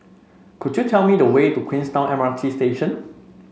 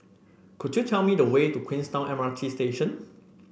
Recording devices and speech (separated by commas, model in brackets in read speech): mobile phone (Samsung C5), boundary microphone (BM630), read sentence